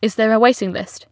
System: none